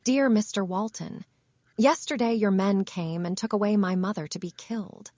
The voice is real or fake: fake